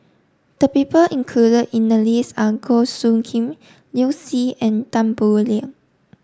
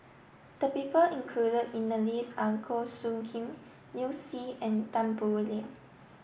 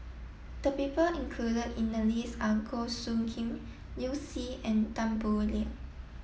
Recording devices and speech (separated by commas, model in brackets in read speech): standing microphone (AKG C214), boundary microphone (BM630), mobile phone (iPhone 7), read sentence